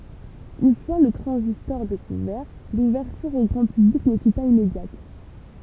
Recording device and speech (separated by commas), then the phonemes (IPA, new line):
temple vibration pickup, read sentence
yn fwa lə tʁɑ̃zistɔʁ dekuvɛʁ luvɛʁtyʁ o ɡʁɑ̃ pyblik nə fy paz immedjat